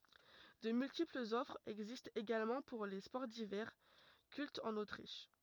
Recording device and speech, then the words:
rigid in-ear microphone, read sentence
De multiples offres existent également pour les sports d'hiver, cultes en Autriche.

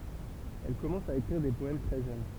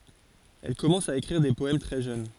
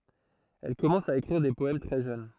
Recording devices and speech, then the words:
temple vibration pickup, forehead accelerometer, throat microphone, read sentence
Elle commence à écrire des poèmes très jeune.

